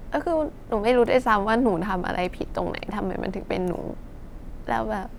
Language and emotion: Thai, sad